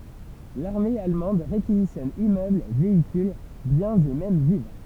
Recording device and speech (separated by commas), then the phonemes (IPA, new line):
temple vibration pickup, read sentence
laʁme almɑ̃d ʁekizisjɔn immøbl veikyl bjɛ̃z e mɛm vivʁ